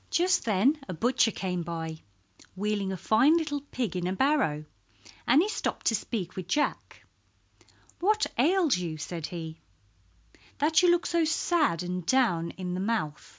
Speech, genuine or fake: genuine